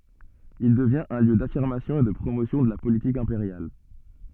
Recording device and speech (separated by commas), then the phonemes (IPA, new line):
soft in-ear microphone, read sentence
il dəvjɛ̃t œ̃ ljø dafiʁmasjɔ̃ e də pʁomosjɔ̃ də la politik ɛ̃peʁjal